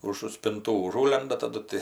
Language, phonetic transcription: Lithuanian, užu spinˈtų uˈžūlenda taˈdu ti

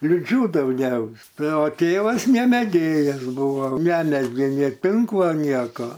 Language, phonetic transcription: Lithuanian, liˈdžių dauˈgiaus ˈtai o ˈtėvas ne meˈgėjas ˈbuvo ˈnemezgė nė ˈtinklo ˈnieko

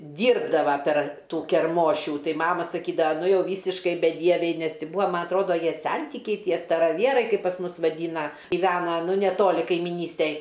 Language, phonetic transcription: Lithuanian, ˈdyrbdava per ˈtų kerˈmošių ˈtai ˈmama saˈkydava ˈnu ˈjau ˈvysiškai beˈdieviai ˈnes ˈti ˈbua ˈma atˈrodo ˈjie ˈsentikiai ˈtie staraˈvierai kaip pas ˈmus vaˈdyna giˈvena ˈnu neˈtoli kaimiˈnystej

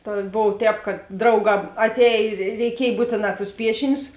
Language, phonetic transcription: Lithuanian, ˈta ˈbov ˈtēp kad ˈdrauˌgā atˈēj ir reiˈkiej ˈbūtėˌnā tus ˈpiešinius

